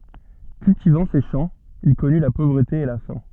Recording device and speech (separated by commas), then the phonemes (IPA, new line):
soft in-ear microphone, read sentence
kyltivɑ̃ se ʃɑ̃ il kɔny la povʁəte e la fɛ̃